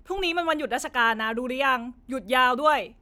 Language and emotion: Thai, angry